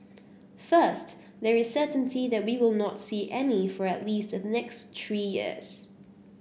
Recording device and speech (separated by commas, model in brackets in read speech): boundary microphone (BM630), read sentence